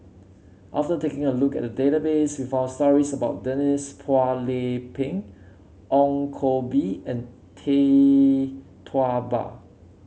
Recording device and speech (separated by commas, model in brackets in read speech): mobile phone (Samsung C7), read sentence